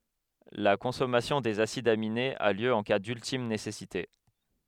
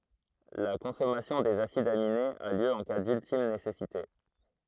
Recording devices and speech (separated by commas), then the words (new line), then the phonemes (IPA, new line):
headset microphone, throat microphone, read sentence
La consommation des acides aminés a lieu en cas d'ultime nécessité.
la kɔ̃sɔmasjɔ̃ dez asidz aminez a ljø ɑ̃ ka dyltim nesɛsite